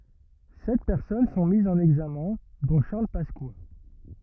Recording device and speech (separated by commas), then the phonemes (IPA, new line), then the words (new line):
rigid in-ear microphone, read sentence
sɛt pɛʁsɔn sɔ̃ mizz ɑ̃n ɛɡzamɛ̃ dɔ̃ ʃaʁl paska
Sept personnes sont mises en examen, dont Charles Pasqua.